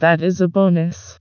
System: TTS, vocoder